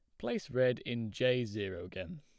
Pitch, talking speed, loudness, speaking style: 125 Hz, 180 wpm, -35 LUFS, plain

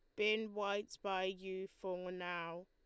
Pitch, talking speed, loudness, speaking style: 190 Hz, 145 wpm, -41 LUFS, Lombard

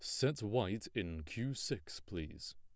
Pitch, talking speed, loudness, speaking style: 100 Hz, 155 wpm, -40 LUFS, plain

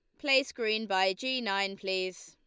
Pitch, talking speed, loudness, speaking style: 200 Hz, 175 wpm, -30 LUFS, Lombard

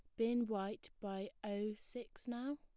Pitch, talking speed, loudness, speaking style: 220 Hz, 155 wpm, -43 LUFS, plain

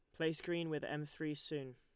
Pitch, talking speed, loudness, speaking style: 150 Hz, 230 wpm, -41 LUFS, Lombard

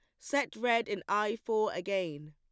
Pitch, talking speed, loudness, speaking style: 210 Hz, 170 wpm, -32 LUFS, plain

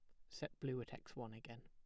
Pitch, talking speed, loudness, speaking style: 120 Hz, 265 wpm, -50 LUFS, plain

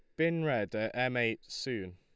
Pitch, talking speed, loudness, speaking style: 115 Hz, 205 wpm, -33 LUFS, Lombard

